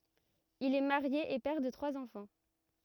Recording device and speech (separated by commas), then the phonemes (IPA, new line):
rigid in-ear microphone, read sentence
il ɛ maʁje e pɛʁ də tʁwaz ɑ̃fɑ̃